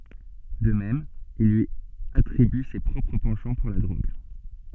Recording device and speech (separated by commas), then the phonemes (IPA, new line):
soft in-ear microphone, read sentence
də mɛm il lyi atʁiby se pʁɔpʁ pɑ̃ʃɑ̃ puʁ la dʁoɡ